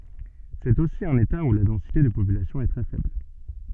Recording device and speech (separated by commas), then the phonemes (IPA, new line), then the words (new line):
soft in-ear microphone, read sentence
sɛt osi œ̃n eta u la dɑ̃site də popylasjɔ̃ ɛ tʁɛ fɛbl
C'est aussi un État où la densité de population est très faible.